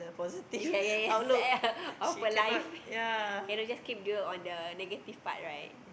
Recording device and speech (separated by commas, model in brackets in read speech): boundary microphone, conversation in the same room